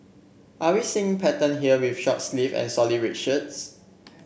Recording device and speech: boundary microphone (BM630), read sentence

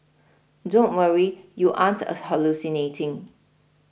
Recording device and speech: boundary microphone (BM630), read sentence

